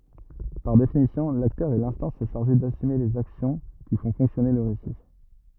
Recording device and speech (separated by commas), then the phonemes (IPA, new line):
rigid in-ear microphone, read sentence
paʁ definisjɔ̃ laktœʁ ɛ lɛ̃stɑ̃s ʃaʁʒe dasyme lez aksjɔ̃ ki fɔ̃ fɔ̃ksjɔne lə ʁesi